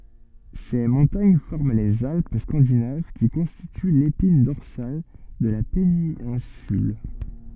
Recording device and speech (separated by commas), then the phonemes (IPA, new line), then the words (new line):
soft in-ear microphone, read sentence
se mɔ̃taɲ fɔʁm lez alp skɑ̃dinav ki kɔ̃stity lepin dɔʁsal də la penɛ̃syl
Ces montagnes forment les Alpes scandinaves qui constituent l'épine dorsale de la péninsule.